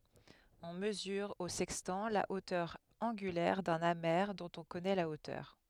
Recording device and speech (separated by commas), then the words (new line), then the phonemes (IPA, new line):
headset microphone, read sentence
On mesure au sextant la hauteur angulaire d’un amer dont on connaît la hauteur.
ɔ̃ məzyʁ o sɛkstɑ̃ la otœʁ ɑ̃ɡylɛʁ dœ̃n ame dɔ̃t ɔ̃ kɔnɛ la otœʁ